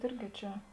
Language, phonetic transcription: Lithuanian, ˈirgi ˈčia

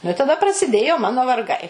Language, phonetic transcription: Lithuanian, nu i taˈda prasiˈdėjo ˈmano varˈgai

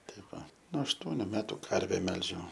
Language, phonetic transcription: Lithuanian, ˈtai ˈva nuo ašˈtuoniu ˈmetu ˈkarve ˈmelžiau

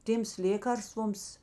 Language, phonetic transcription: Lithuanian, ˈtėms ˈlėkarstvoms

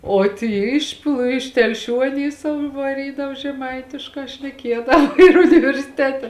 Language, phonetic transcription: Lithuanian, o ˈty iš pl iš telˈšių aˈny ˈsau i vaˈrydav žeˈmaitiškā šneˈkiedava ir universiˈtete

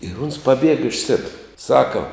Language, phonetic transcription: Lithuanian, ir uns paˈbiega iš ˈsebira ˈsaka

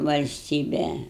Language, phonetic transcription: Lithuanian, valsˈtybe

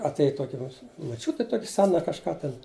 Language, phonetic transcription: Lithuanian, atˈėj ˈtoki mo moˈčiuti ˈtoki ˈsena kažˈką ˈten

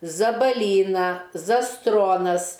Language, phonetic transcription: Lithuanian, zabaˈlyna zaˈstronas

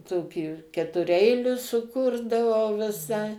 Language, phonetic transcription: Lithuanian, ˈtokį ketuˈreilius suˈkurdavau viˈsai

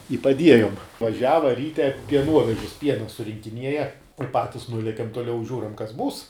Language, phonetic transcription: Lithuanian, i paˈdiejum vaˈžiava ˈryte pieˈnuovežis ˈpiena surinkiˈnieja i ˈpatis ˈnuliekem toˈliau ˈžiūram kas ˈbūs

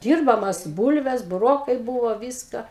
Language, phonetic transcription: Lithuanian, ˈdyrbamas ˈbūlves buˈrokai ˈbūvo ˈviska

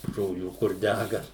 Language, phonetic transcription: Lithuanian, žoˈlių kur ˈdæga

